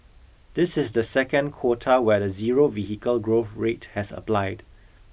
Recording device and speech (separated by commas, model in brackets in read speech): boundary microphone (BM630), read sentence